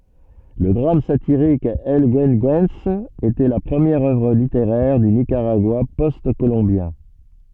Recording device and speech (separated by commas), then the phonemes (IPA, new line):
soft in-ear microphone, read sentence
lə dʁam satiʁik ɛl ɡyəɡyɑ̃s etɛ la pʁəmjɛʁ œvʁ liteʁɛʁ dy nikaʁaɡwa pɔst kolɔ̃bjɛ̃